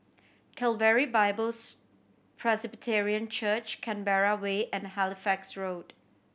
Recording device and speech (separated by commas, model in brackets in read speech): boundary microphone (BM630), read sentence